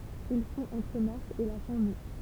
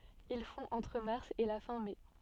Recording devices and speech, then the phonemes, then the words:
temple vibration pickup, soft in-ear microphone, read sentence
il fɔ̃ ɑ̃tʁ maʁs e la fɛ̃ mɛ
Il fond entre mars et la fin mai.

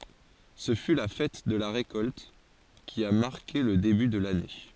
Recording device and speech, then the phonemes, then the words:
forehead accelerometer, read sentence
sə fy la fɛt də la ʁekɔlt ki a maʁke lə deby də lane
Ce fut la fête de la récolte, qui a marqué le début de l'année.

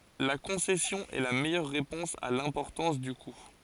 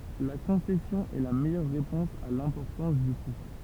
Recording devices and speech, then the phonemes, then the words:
forehead accelerometer, temple vibration pickup, read sentence
la kɔ̃sɛsjɔ̃ ɛ la mɛjœʁ ʁepɔ̃s a lɛ̃pɔʁtɑ̃s dy ku
La concession est la meilleure réponse à l'importance du coût.

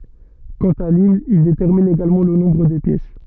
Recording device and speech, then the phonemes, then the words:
soft in-ear microphone, read sentence
kɑ̃t a limn il detɛʁmin eɡalmɑ̃ lə nɔ̃bʁ de pjɛs
Quant à l'hymne, il détermine également le nombre des pièces.

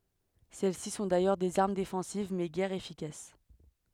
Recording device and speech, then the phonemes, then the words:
headset microphone, read sentence
sɛlɛsi sɔ̃ dajœʁ dez aʁm defɑ̃siv mɛ ɡɛʁ efikas
Celles-ci sont d'ailleurs des armes défensives mais guère efficaces.

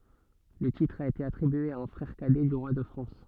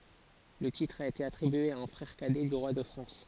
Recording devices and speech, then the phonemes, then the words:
soft in-ear microphone, forehead accelerometer, read sentence
lə titʁ a ete atʁibye a œ̃ fʁɛʁ kadɛ dy ʁwa də fʁɑ̃s
Le titre a été attribué à un frère cadet du roi de France.

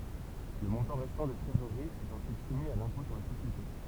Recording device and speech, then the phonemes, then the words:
temple vibration pickup, read sentence
lə mɔ̃tɑ̃ ʁɛstɑ̃ də tʁezoʁʁi ɛt ɑ̃syit sumi a lɛ̃pɔ̃ syʁ le sosjete
Le montant restant de trésorerie est ensuite soumis à l'impôt sur les sociétés.

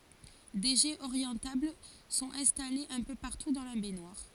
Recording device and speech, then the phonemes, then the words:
forehead accelerometer, read sentence
de ʒɛz oʁjɑ̃tabl sɔ̃t ɛ̃stalez œ̃ pø paʁtu dɑ̃ la bɛɲwaʁ
Des jets orientables sont installés un peu partout dans la baignoire.

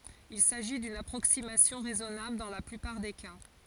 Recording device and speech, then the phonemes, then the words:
forehead accelerometer, read sentence
il saʒi dyn apʁoksimasjɔ̃ ʁɛzɔnabl dɑ̃ la plypaʁ de ka
Il s'agit d'une approximation raisonnable dans la plupart des cas.

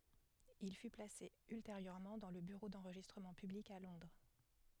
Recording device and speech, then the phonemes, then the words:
headset microphone, read sentence
il fy plase ylteʁjøʁmɑ̃ dɑ̃ lə byʁo dɑ̃ʁʒistʁəmɑ̃ pyblik a lɔ̃dʁ
Il fut placé ultérieurement dans le Bureau d'enregistrement public à Londres.

